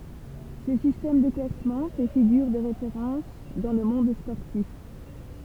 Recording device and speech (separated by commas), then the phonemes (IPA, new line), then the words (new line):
temple vibration pickup, read sentence
sə sistɛm də klasmɑ̃ fɛ fiɡyʁ də ʁefeʁɑ̃s dɑ̃ lə mɔ̃d spɔʁtif
Ce système de classement fait figure de référence dans le monde sportif.